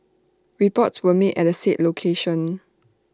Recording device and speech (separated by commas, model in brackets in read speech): standing microphone (AKG C214), read sentence